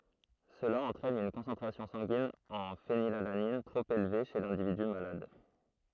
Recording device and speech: throat microphone, read sentence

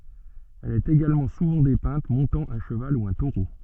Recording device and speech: soft in-ear microphone, read sentence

